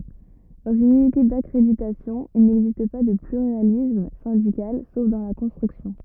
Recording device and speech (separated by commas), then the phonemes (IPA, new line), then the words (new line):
rigid in-ear microphone, read sentence
dɑ̃z yn ynite dakʁeditasjɔ̃ il nɛɡzist pa də plyʁalism sɛ̃dikal sof dɑ̃ la kɔ̃stʁyksjɔ̃
Dans une unité d'accréditation il n'existe pas de pluralisme syndical, sauf dans la construction.